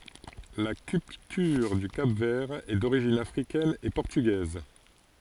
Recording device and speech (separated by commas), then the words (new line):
forehead accelerometer, read sentence
La culture du Cap-Vert est d’origine africaine et portugaise.